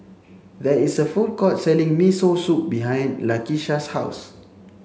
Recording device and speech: mobile phone (Samsung C7), read sentence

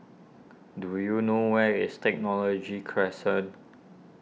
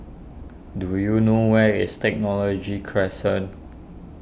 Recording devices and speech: mobile phone (iPhone 6), boundary microphone (BM630), read sentence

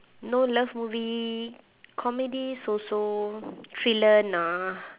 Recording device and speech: telephone, conversation in separate rooms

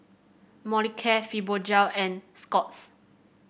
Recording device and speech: boundary microphone (BM630), read sentence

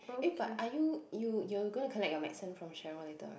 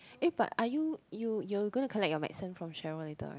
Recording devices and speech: boundary microphone, close-talking microphone, conversation in the same room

